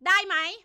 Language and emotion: Thai, angry